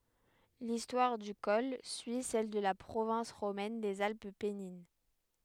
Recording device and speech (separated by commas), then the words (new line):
headset microphone, read sentence
L'histoire du col suit celle de la province romaine des Alpes pennines.